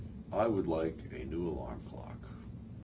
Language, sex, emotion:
English, male, neutral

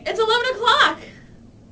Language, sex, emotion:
English, female, happy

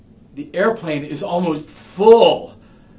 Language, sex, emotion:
English, male, disgusted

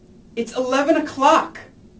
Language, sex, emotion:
English, male, angry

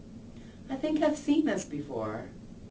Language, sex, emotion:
English, female, neutral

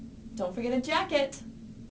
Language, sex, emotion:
English, female, neutral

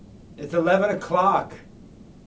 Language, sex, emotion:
English, male, disgusted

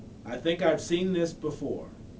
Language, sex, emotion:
English, male, neutral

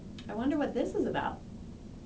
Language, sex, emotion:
English, female, neutral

